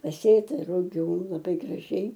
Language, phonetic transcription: Lithuanian, paˈsėta ruˈgių laˈbai graˈžiai

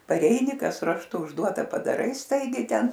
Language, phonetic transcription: Lithuanian, paˈreini ˈkas rašˈtu užˈduota padaˈrai ˈstaigiai ˈten

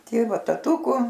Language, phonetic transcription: Lithuanian, ˈtėva taˈtūku

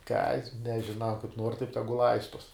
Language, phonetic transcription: Lithuanian, kad nežiˈnau kaip nuor taip ˈtegu ˈlaistuos

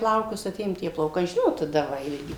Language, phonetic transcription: Lithuanian, ˈplaukus aˈtėjom tie plauˈkai ˈžinot taˈda ˈva ilˈgi

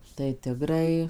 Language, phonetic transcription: Lithuanian, tai ˈtigrai

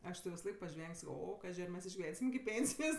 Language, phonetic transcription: Lithuanian, ˈaš ti visaˈlaik paˈžveng' ˈsako ˈo ˈkaži ar ˈmes išgiˈvensim iki ˈpėnsijos

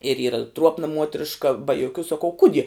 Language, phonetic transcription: Lithuanian, ir ˈyra ˈtruopna ˈmuotriška ba joˈkių saˈkau ˈkudie

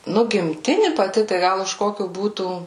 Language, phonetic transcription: Lithuanian, ˈnu gimˈtini paˈti tai ˈgal už ˈkokiu ˈbūtų

